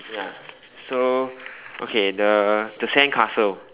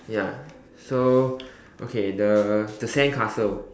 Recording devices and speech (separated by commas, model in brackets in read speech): telephone, standing microphone, conversation in separate rooms